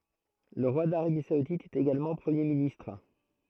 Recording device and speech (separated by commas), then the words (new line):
throat microphone, read sentence
Le roi d'Arabie saoudite est également Premier ministre.